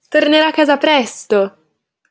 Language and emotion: Italian, happy